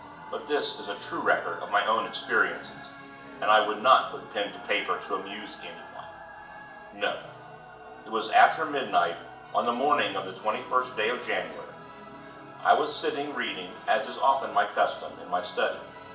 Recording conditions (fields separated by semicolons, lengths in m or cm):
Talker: one person; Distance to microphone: 1.8 m; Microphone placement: close; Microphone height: 1.0 m; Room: large; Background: television